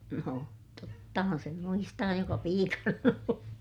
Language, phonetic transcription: Finnish, no , tottahan̬ sem muistaa joka piikana o(n ollu) .
- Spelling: no tottahan sen muistaa joka piikana on ollut

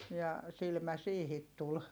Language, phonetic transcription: Finnish, ja silmä siihit tul .
- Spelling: ja silmä siihen tuli

